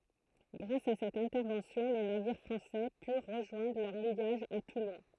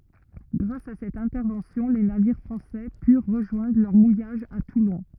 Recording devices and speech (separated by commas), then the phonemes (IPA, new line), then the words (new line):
throat microphone, rigid in-ear microphone, read sentence
ɡʁas a sɛt ɛ̃tɛʁvɑ̃sjɔ̃ le naviʁ fʁɑ̃sɛ pyʁ ʁəʒwɛ̃dʁ lœʁ mujaʒ a tulɔ̃
Grâce à cette intervention les navires français purent rejoindre leur mouillage à Toulon.